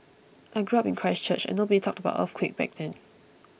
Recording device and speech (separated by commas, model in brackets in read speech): boundary microphone (BM630), read sentence